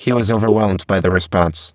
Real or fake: fake